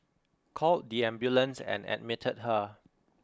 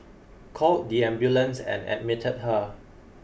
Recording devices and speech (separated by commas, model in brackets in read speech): close-talking microphone (WH20), boundary microphone (BM630), read sentence